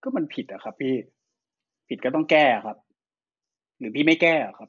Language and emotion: Thai, frustrated